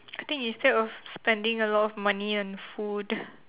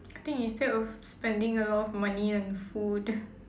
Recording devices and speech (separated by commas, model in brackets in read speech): telephone, standing microphone, conversation in separate rooms